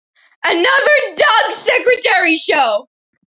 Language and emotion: English, sad